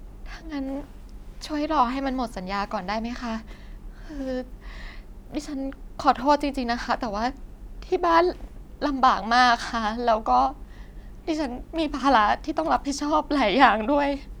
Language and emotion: Thai, sad